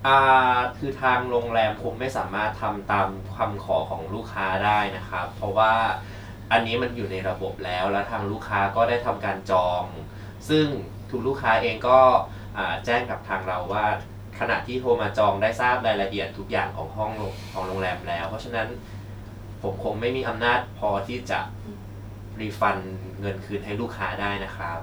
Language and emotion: Thai, neutral